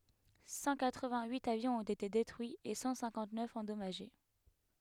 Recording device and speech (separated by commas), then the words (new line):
headset microphone, read sentence
Cent quatre vingt huit avions ont été détruits et cent cinquante neuf endommagés.